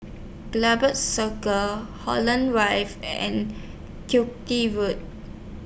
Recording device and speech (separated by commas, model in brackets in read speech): boundary microphone (BM630), read sentence